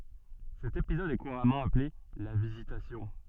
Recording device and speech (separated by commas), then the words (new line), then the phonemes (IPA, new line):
soft in-ear microphone, read sentence
Cet épisode est couramment appelé la Visitation.
sɛt epizɔd ɛ kuʁamɑ̃ aple la vizitasjɔ̃